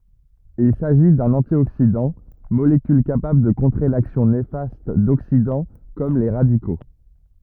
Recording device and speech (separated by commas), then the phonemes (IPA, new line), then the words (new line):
rigid in-ear microphone, read sentence
il saʒi dœ̃n ɑ̃tjoksidɑ̃ molekyl kapabl də kɔ̃tʁe laksjɔ̃ nefast doksidɑ̃ kɔm le ʁadiko
Il s'agit d'un antioxydant, molécule capable de contrer l'action néfaste d'oxydants comme les radicaux.